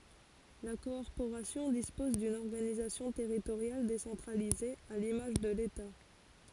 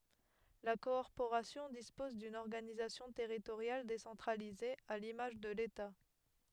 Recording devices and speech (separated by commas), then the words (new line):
forehead accelerometer, headset microphone, read sentence
La Corporation dispose d'une organisation territoriale décentralisée, à l'image de l'État.